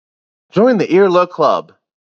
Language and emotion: English, happy